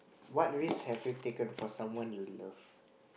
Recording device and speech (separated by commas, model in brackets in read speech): boundary microphone, conversation in the same room